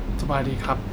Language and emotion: Thai, neutral